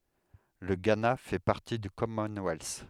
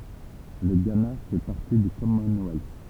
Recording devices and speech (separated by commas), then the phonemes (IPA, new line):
headset microphone, temple vibration pickup, read sentence
lə ɡana fɛ paʁti dy kɔmɔnwɛls